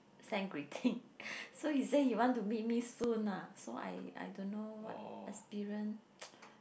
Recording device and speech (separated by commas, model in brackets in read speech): boundary microphone, conversation in the same room